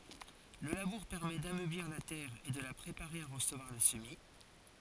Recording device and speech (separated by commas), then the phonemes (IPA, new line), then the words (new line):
forehead accelerometer, read sentence
lə labuʁ pɛʁmɛ damøbliʁ la tɛʁ e də la pʁepaʁe a ʁəsəvwaʁ lə səmi
Le labour permet d'ameublir la terre et de la préparer à recevoir le semis.